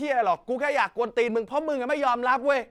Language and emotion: Thai, angry